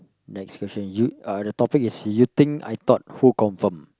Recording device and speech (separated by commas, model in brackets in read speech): close-talking microphone, conversation in the same room